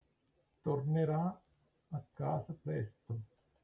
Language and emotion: Italian, neutral